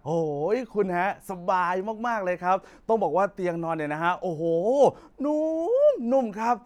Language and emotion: Thai, happy